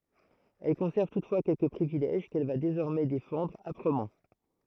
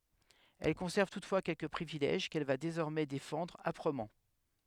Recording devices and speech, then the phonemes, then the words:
throat microphone, headset microphone, read sentence
ɛl kɔ̃sɛʁv tutfwa kɛlkə pʁivilɛʒ kɛl va dezɔʁmɛ defɑ̃dʁ apʁəmɑ̃
Elle conserve toutefois quelques privilèges qu’elle va désormais défendre âprement.

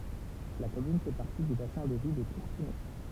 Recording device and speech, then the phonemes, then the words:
temple vibration pickup, read sentence
la kɔmyn fɛ paʁti dy basɛ̃ də vi də kuʁtənɛ
La commune fait partie du bassin de vie de Courtenay.

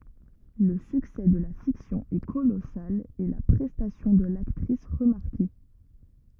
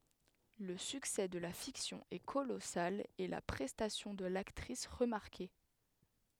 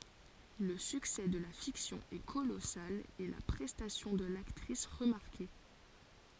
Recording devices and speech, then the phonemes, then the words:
rigid in-ear microphone, headset microphone, forehead accelerometer, read sentence
lə syksɛ də la fiksjɔ̃ ɛ kolɔsal e la pʁɛstasjɔ̃ də laktʁis ʁəmaʁke
Le succès de la fiction est colossal et la prestation de l'actrice remarquée.

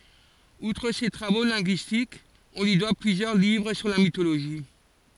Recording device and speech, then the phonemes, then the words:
forehead accelerometer, read sentence
utʁ se tʁavo lɛ̃ɡyistikz ɔ̃ lyi dwa plyzjœʁ livʁ syʁ la mitoloʒi
Outre ses travaux linguistiques, on lui doit plusieurs livres sur la mythologie.

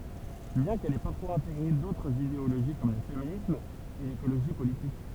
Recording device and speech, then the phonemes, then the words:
temple vibration pickup, read sentence
bjɛ̃ kɛl ɛ paʁfwaz ɛ̃teɡʁe dotʁz ideoloʒi kɔm lə feminism e lekoloʒi politik
Bien qu'elle ait parfois intégré d'autres idéologie comme le féminisme et l'écologie politique.

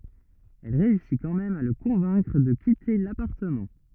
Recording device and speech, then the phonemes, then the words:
rigid in-ear microphone, read sentence
ɛl ʁeysi kɑ̃ mɛm a lə kɔ̃vɛ̃kʁ də kite lapaʁtəmɑ̃
Elle réussit quand même à le convaincre de quitter l'appartement.

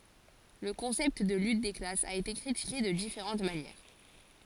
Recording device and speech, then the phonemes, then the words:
forehead accelerometer, read sentence
lə kɔ̃sɛpt də lyt de klasz a ete kʁitike də difeʁɑ̃t manjɛʁ
Le concept de lutte des classes a été critiqué de différentes manières.

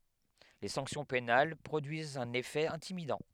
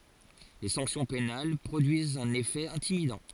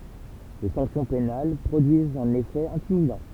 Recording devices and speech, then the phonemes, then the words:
headset microphone, forehead accelerometer, temple vibration pickup, read sentence
le sɑ̃ksjɔ̃ penal pʁodyizt œ̃n efɛ ɛ̃timidɑ̃
Les sanctions pénales produisent un effet intimidant.

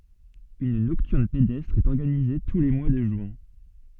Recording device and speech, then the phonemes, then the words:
soft in-ear microphone, read sentence
yn nɔktyʁn pedɛstʁ ɛt ɔʁɡanize tu le mwa də ʒyɛ̃
Une Nocturne pédestre est organisée tous les mois de juin.

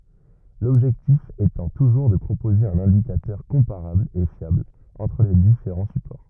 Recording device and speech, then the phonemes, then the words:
rigid in-ear microphone, read sentence
lɔbʒɛktif etɑ̃ tuʒuʁ də pʁopoze œ̃n ɛ̃dikatœʁ kɔ̃paʁabl e fjabl ɑ̃tʁ le difeʁɑ̃ sypɔʁ
L'objectif étant toujours de proposer un indicateur comparable et fiable entre les différents supports.

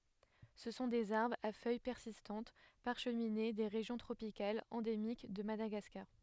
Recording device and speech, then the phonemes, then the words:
headset microphone, read sentence
sə sɔ̃ dez aʁbʁz a fœj pɛʁsistɑ̃t paʁʃmine de ʁeʒjɔ̃ tʁopikalz ɑ̃demik də madaɡaskaʁ
Ce sont des arbres, à feuilles persistantes, parcheminées, des régions tropicales, endémiques de Madagascar.

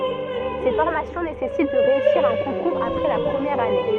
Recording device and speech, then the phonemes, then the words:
soft in-ear microphone, read sentence
se fɔʁmasjɔ̃ nesɛsit də ʁeysiʁ œ̃ kɔ̃kuʁz apʁɛ la pʁəmjɛʁ ane
Ces formations nécessitent de réussir un concours après la première année.

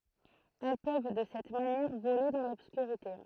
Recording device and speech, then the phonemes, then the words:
throat microphone, read sentence
ɛl pøv də sɛt manjɛʁ vole dɑ̃ lɔbskyʁite
Elles peuvent, de cette manière, voler dans l'obscurité.

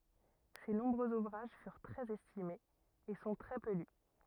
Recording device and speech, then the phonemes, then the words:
rigid in-ear microphone, read sentence
se nɔ̃bʁøz uvʁaʒ fyʁ tʁɛz ɛstimez e sɔ̃ tʁɛ pø ly
Ses nombreux ouvrages furent très estimés, et sont très peu lus.

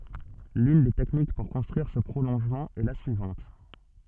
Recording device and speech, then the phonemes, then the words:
soft in-ear microphone, read sentence
lyn de tɛknik puʁ kɔ̃stʁyiʁ sə pʁolɔ̃ʒmɑ̃ ɛ la syivɑ̃t
L'une des techniques pour construire ce prolongement est la suivante.

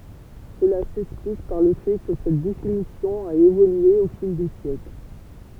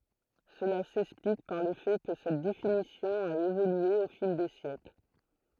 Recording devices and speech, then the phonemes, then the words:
temple vibration pickup, throat microphone, read sentence
səla sɛksplik paʁ lə fɛ kə sɛt definisjɔ̃ a evolye o fil de sjɛkl
Cela s'explique par le fait que cette définition a évolué au fil des siècles.

